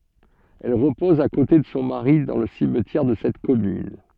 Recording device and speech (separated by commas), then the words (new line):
soft in-ear microphone, read sentence
Elle repose à côté de son mari dans le cimetière de cette commune.